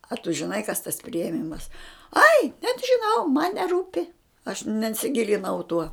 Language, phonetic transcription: Lithuanian, a tu žiˈnai kas tas priėˈmimas ai net žiˈnau man neˈrūpi aš nensiˈgilinau tuo

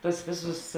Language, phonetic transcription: Lithuanian, ˈtuos ˈvėˌsus

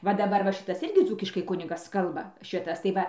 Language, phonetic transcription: Lithuanian, va daˈbar ˈva ˈšitas ˈirgi ˈdzūkiškai ˈkunigas ˈkalba ˈšitas tai ˈva

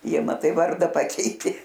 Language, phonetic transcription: Lithuanian, ˈjie maˈtai ˈvarda ˈpakeitė

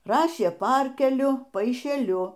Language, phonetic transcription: Lithuanian, ˈrašė ˈparkeliu paišeˈliu

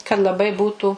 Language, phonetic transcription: Lithuanian, kad laˈbai ˈbūtų

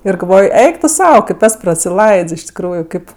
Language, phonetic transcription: Lithuanian, ir galˈvoj ˈeik tu ˈsau kaip ˈes prasiˈlaids iš tikˈrųju ˈkaip

